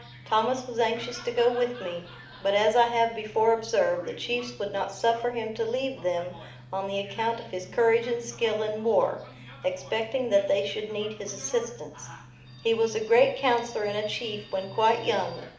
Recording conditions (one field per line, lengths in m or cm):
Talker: one person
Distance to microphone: 2.0 m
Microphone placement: close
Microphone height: 99 cm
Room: medium-sized (5.7 m by 4.0 m)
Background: television